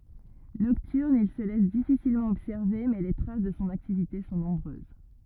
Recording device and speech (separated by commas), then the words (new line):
rigid in-ear microphone, read sentence
Nocturne, il se laisse difficilement observer mais les traces de son activité sont nombreuses.